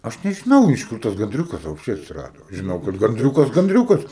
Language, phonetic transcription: Lithuanian, ˈaš nežiˈnau iš ˈkur tas ganˈdriūkas vapšˈčie atsiˈrado žiˈnau kad ganˈdriūkas ganˈdriūkas

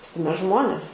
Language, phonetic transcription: Lithuanian, viˈsi ˈmes ˈžmonės

